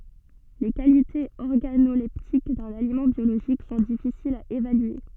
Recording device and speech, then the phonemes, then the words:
soft in-ear microphone, read sentence
le kalitez ɔʁɡanolɛptik dœ̃n alimɑ̃ bjoloʒik sɔ̃ difisilz a evalye
Les qualités organoleptiques d'un aliment biologique sont difficiles à évaluer.

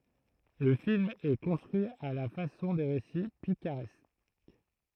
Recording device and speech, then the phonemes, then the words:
throat microphone, read sentence
lə film ɛ kɔ̃stʁyi a la fasɔ̃ de ʁesi pikaʁɛsk
Le film est construit à la façon des récits picaresques.

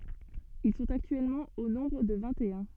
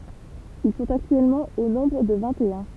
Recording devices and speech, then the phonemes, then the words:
soft in-ear microphone, temple vibration pickup, read sentence
il sɔ̃t aktyɛlmɑ̃ o nɔ̃bʁ də vɛ̃ttœ̃
Ils sont actuellement au nombre de vingt-et-un.

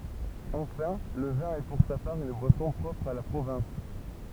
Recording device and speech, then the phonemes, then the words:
temple vibration pickup, read sentence
ɑ̃fɛ̃ lə vɛ̃ ɛ puʁ sa paʁ yn bwasɔ̃ pʁɔpʁ a la pʁovɛ̃s
Enfin le vin est pour sa part une boisson propre à la province.

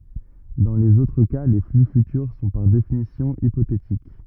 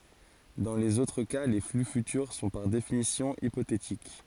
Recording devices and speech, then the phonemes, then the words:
rigid in-ear microphone, forehead accelerometer, read sentence
dɑ̃ lez otʁ ka le fly fytyʁ sɔ̃ paʁ definisjɔ̃ ipotetik
Dans les autres cas, les flux futurs sont par définition hypothétiques.

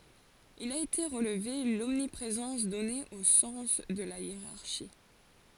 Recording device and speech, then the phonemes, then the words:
forehead accelerometer, read sentence
il a ete ʁəlve lɔmnipʁezɑ̃s dɔne o sɑ̃s də la jeʁaʁʃi
Il a été relevé l'omniprésence donnée au sens de la hiérarchie.

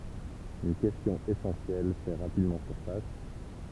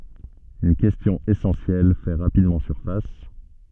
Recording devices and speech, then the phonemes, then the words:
temple vibration pickup, soft in-ear microphone, read sentence
yn kɛstjɔ̃ esɑ̃sjɛl fɛ ʁapidmɑ̃ syʁfas
Une question essentielle fait rapidement surface.

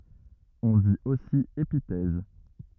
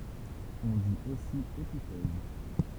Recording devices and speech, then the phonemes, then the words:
rigid in-ear microphone, temple vibration pickup, read sentence
ɔ̃ dit osi epitɛz
On dit aussi épithèse.

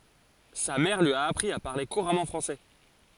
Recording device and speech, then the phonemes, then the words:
forehead accelerometer, read sentence
sa mɛʁ lyi a apʁi a paʁle kuʁamɑ̃ fʁɑ̃sɛ
Sa mère lui a appris à parler couramment français.

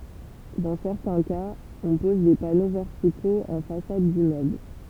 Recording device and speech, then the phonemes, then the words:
temple vibration pickup, read sentence
dɑ̃ sɛʁtɛ̃ kaz ɔ̃ pɔz de pano vɛʁtikoz ɑ̃ fasad dimmøbl
Dans certains cas, on pose des panneaux verticaux en façade d'immeuble.

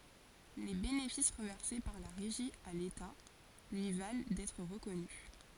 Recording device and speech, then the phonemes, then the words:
forehead accelerometer, read sentence
le benefis ʁəvɛʁse paʁ la ʁeʒi a leta lyi val dɛtʁ ʁəkɔny
Les bénéfices reversés par la Régie à l’État lui valent d’être reconnu.

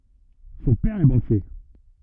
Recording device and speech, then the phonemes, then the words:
rigid in-ear microphone, read sentence
sɔ̃ pɛʁ ɛ bɑ̃kje
Son père est banquier.

